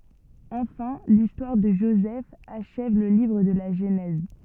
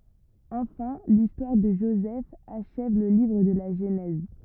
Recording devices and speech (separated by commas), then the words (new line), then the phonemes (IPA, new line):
soft in-ear microphone, rigid in-ear microphone, read sentence
Enfin, l'histoire de Joseph achève le livre de la Genèse.
ɑ̃fɛ̃ listwaʁ də ʒozɛf aʃɛv lə livʁ də la ʒənɛz